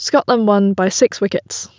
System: none